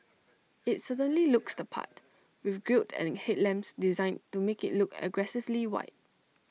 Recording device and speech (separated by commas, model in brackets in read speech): mobile phone (iPhone 6), read sentence